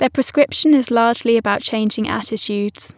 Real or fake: real